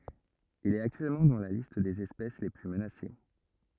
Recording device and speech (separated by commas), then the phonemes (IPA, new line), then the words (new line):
rigid in-ear microphone, read sentence
il ɛt aktyɛlmɑ̃ dɑ̃ la list dez ɛspɛs le ply mənase
Il est actuellement dans la liste des espèces les plus menacées.